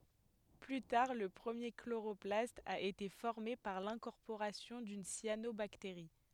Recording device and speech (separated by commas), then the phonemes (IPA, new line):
headset microphone, read sentence
ply taʁ lə pʁəmje kloʁɔplast a ete fɔʁme paʁ lɛ̃kɔʁpoʁasjɔ̃ dyn sjanobakteʁi